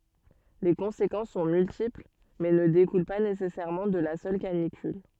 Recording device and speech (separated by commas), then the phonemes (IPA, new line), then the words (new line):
soft in-ear microphone, read sentence
le kɔ̃sekɑ̃s sɔ̃ myltipl mɛ nə dekul pa nesɛsɛʁmɑ̃ də la sœl kanikyl
Les conséquences sont multiples, mais ne découlent pas nécessairement de la seule canicule.